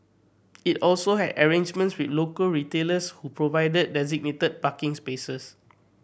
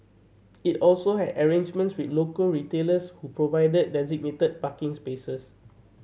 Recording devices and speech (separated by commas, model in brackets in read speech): boundary microphone (BM630), mobile phone (Samsung C7100), read sentence